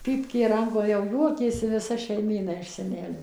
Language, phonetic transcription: Lithuanian, ˈpypkė ˈrankoj jau ˈjuokėsi viˈsa šeiˈmyna iš seˈnelio

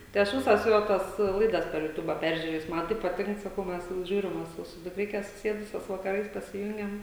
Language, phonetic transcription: Lithuanian, tai ˈaš ˈvisas ˈjo tas ˈlaidas per juˈtuba ˈperžiurėjus ˈman tai paˈtink saˈkau ˈmes ˈžiūrim va ˈsu su dukˈrike suˈsėdusios vakaˈrais pasiˈjungiam

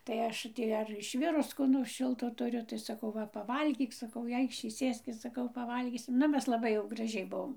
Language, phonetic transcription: Lithuanian, tai ˈaš ˈtį ar išˈvirus ˈko nors ˈšilto tuˈriu tai saˈkau ˈva paˈvalgyk saˈkau i ˈaikšį ˈsėskis saˈkau paˈvalgysim ˈnu ˈmes laˈbai jau graˈžiai ˈbuom

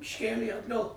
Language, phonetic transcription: Lithuanian, išˈkėlė atˈgal

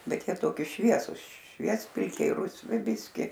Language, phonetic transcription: Lithuanian, ˈbet ˈjie ˈtoki ˈšviesus ˈšviespilkiai rusˈvi ˈbiski

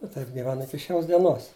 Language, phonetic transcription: Lithuanian, i ˈtaip giˈvenu ˈiki ˈšios dieˈnos

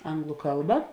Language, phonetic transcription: Lithuanian, ˈanglu ˈkalba

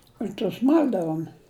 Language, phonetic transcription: Lithuanian, ir tus ˈmal'davum

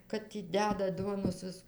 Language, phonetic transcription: Lithuanian, ˈkad tį ˈdedat ˈduonos ˈvis

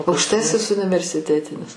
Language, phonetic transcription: Lithuanian, aukšˈtasis universiˈtetinis

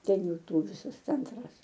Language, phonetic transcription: Lithuanian, ˈten ˈjų ˈtų ˈvysas ˈcentras

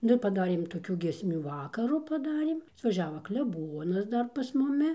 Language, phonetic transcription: Lithuanian, ˈnu ir paˈdarėm toˈkių giesˈmių ˈvakaru paˈdarėm atvaˈžiava kleˈbonas ˈdar pas muˈmi

